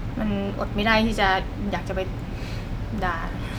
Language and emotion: Thai, frustrated